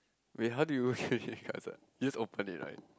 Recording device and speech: close-talking microphone, conversation in the same room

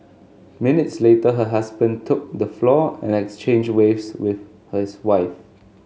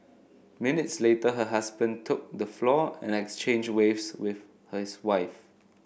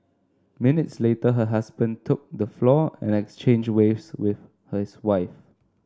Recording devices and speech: mobile phone (Samsung S8), boundary microphone (BM630), standing microphone (AKG C214), read sentence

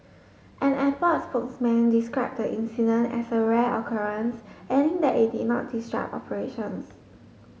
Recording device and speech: mobile phone (Samsung S8), read sentence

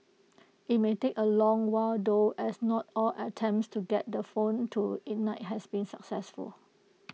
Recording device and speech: mobile phone (iPhone 6), read sentence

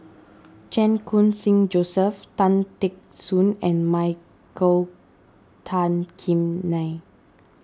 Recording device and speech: standing microphone (AKG C214), read sentence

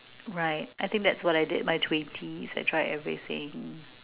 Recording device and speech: telephone, conversation in separate rooms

